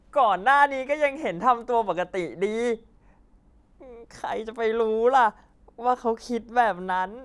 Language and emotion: Thai, happy